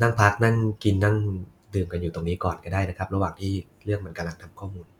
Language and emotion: Thai, neutral